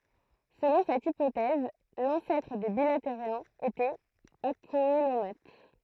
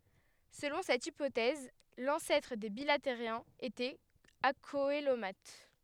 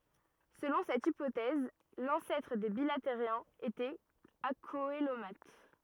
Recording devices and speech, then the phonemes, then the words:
throat microphone, headset microphone, rigid in-ear microphone, read sentence
səlɔ̃ sɛt ipotɛz lɑ̃sɛtʁ de bilateʁjɛ̃z etɛt akoəlomat
Selon cette hypothèse l'ancêtre des bilatériens était acoelomate.

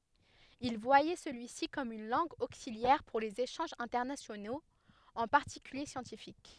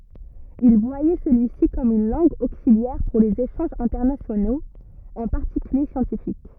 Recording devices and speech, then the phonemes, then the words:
headset microphone, rigid in-ear microphone, read sentence
il vwajɛ səlyi si kɔm yn lɑ̃ɡ oksiljɛʁ puʁ lez eʃɑ̃ʒz ɛ̃tɛʁnasjonoz ɑ̃ paʁtikylje sjɑ̃tifik
Il voyait celui-ci comme une langue auxiliaire pour les échanges internationaux, en particulier scientifiques.

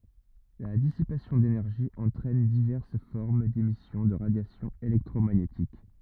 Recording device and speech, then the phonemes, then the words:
rigid in-ear microphone, read sentence
la disipasjɔ̃ denɛʁʒi ɑ̃tʁɛn divɛʁs fɔʁm demisjɔ̃ də ʁadjasjɔ̃ elɛktʁomaɲetik
La dissipation d'énergie entraîne diverses formes d'émissions de radiation électromagnétique.

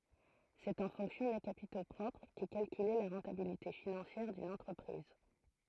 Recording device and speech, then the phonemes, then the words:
throat microphone, read sentence
sɛt ɑ̃ fɔ̃ksjɔ̃ de kapito pʁɔpʁ kɛ kalkyle la ʁɑ̃tabilite finɑ̃sjɛʁ dyn ɑ̃tʁəpʁiz
C'est en fonction des capitaux propres qu'est calculée la rentabilité financière d'une entreprise.

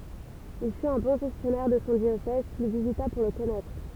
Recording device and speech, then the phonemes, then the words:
temple vibration pickup, read sentence
il fyt œ̃ bɔ̃ ʒɛstjɔnɛʁ də sɔ̃ djosɛz kil vizita puʁ lə kɔnɛtʁ
Il fut un bon gestionnaire de son diocèse, qu'il visita pour le connaître.

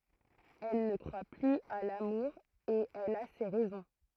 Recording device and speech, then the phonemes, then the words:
throat microphone, read sentence
ɛl nə kʁwa plyz a lamuʁ e ɛl a se ʁɛzɔ̃
Elle ne croit plus à l'amour et elle a ses raisons.

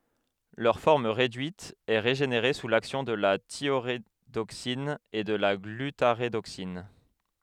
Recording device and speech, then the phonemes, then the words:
headset microphone, read sentence
lœʁ fɔʁm ʁedyit ɛ ʁeʒeneʁe su laksjɔ̃ də la tjoʁedoksin u də la ɡlytaʁedoksin
Leur forme réduite est régénérée sous l'action de la thiorédoxine ou de la glutarédoxine.

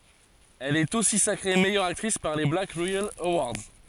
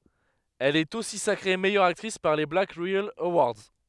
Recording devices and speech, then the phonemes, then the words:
forehead accelerometer, headset microphone, read sentence
ɛl ɛt osi sakʁe mɛjœʁ aktʁis paʁ le blak ʁeɛl əwaʁdz
Elle est aussi sacrée meilleure actrice par les Black Reel Awards.

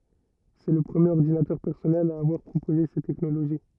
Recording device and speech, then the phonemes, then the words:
rigid in-ear microphone, read sentence
sɛ lə pʁəmjeʁ ɔʁdinatœʁ pɛʁsɔnɛl a avwaʁ pʁopoze sɛt tɛknoloʒi
C'est le premier ordinateur personnel à avoir proposé cette technologie.

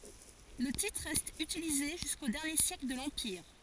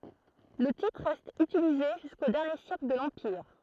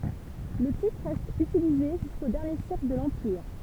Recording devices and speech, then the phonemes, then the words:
forehead accelerometer, throat microphone, temple vibration pickup, read sentence
lə titʁ ʁɛst ytilize ʒysko dɛʁnje sjɛkl də lɑ̃piʁ
Le titre reste utilisé jusqu'aux derniers siècles de l'empire.

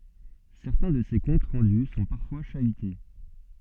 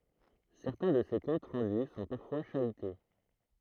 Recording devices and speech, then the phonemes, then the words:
soft in-ear microphone, throat microphone, read sentence
sɛʁtɛ̃ də se kɔ̃t ʁɑ̃dy sɔ̃ paʁfwa ʃayte
Certains de ces comptes rendus sont parfois chahutés.

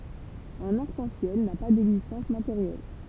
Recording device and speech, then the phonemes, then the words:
temple vibration pickup, read sentence
œ̃n aʁk ɑ̃ sjɛl na pa dɛɡzistɑ̃s mateʁjɛl
Un arc-en-ciel n'a pas d'existence matérielle.

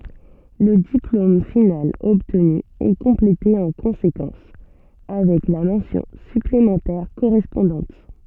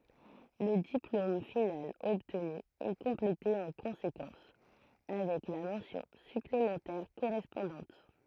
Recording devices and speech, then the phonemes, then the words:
soft in-ear microphone, throat microphone, read sentence
lə diplom final ɔbtny ɛ kɔ̃plete ɑ̃ kɔ̃sekɑ̃s avɛk la mɑ̃sjɔ̃ syplemɑ̃tɛʁ koʁɛspɔ̃dɑ̃t
Le diplôme final obtenu est complété en conséquence, avec la mention supplémentaire correspondante.

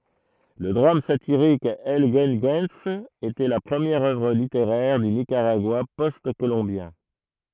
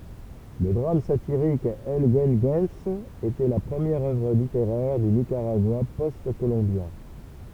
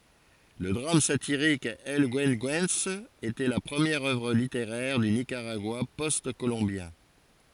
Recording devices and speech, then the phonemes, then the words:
throat microphone, temple vibration pickup, forehead accelerometer, read sentence
lə dʁam satiʁik ɛl ɡyəɡyɑ̃s etɛ la pʁəmjɛʁ œvʁ liteʁɛʁ dy nikaʁaɡwa pɔst kolɔ̃bjɛ̃
Le drame satirique El Güegüense était la première œuvre littéraire du Nicaragua post-colombien.

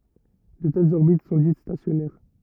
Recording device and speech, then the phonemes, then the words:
rigid in-ear microphone, read sentence
də tɛlz ɔʁbit sɔ̃ dit stasjɔnɛʁ
De telles orbites sont dites stationnaires.

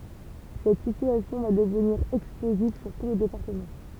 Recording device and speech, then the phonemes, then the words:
temple vibration pickup, read sentence
sɛt sityasjɔ̃ va dəvniʁ ɛksploziv syʁ tu lə depaʁtəmɑ̃
Cette situation va devenir explosive sur tout le département.

